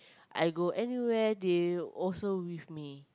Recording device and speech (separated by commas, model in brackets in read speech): close-talking microphone, conversation in the same room